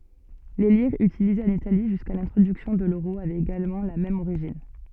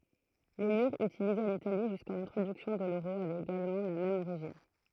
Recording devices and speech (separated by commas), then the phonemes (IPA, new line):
soft in-ear microphone, throat microphone, read sentence
le liʁz ytilizez ɑ̃n itali ʒyska lɛ̃tʁodyksjɔ̃ də løʁo avɛt eɡalmɑ̃ la mɛm oʁiʒin